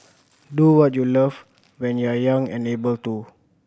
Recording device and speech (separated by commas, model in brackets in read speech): boundary microphone (BM630), read sentence